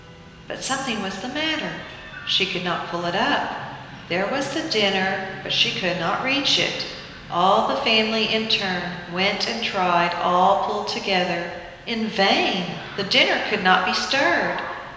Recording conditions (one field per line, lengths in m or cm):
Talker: one person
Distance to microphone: 1.7 m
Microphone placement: close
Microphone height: 1.0 m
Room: very reverberant, large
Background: television